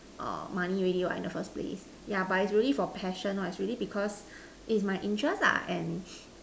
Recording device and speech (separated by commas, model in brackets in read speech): standing microphone, conversation in separate rooms